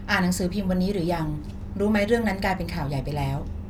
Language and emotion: Thai, neutral